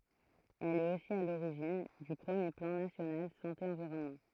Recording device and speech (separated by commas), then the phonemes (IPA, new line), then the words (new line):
throat microphone, read sentence
ɛl ɛt osi a loʁiʒin dy pʁəmje plɑ̃ nasjonal sɑ̃te ɑ̃viʁɔnmɑ̃
Elle est aussi à l'origine du premier Plan national Santé Environnement.